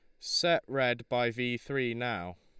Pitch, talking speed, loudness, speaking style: 120 Hz, 165 wpm, -31 LUFS, Lombard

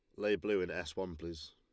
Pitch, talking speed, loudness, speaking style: 95 Hz, 270 wpm, -37 LUFS, Lombard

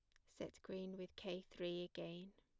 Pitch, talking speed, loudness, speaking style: 185 Hz, 170 wpm, -50 LUFS, plain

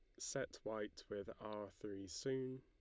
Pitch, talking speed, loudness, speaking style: 105 Hz, 150 wpm, -47 LUFS, Lombard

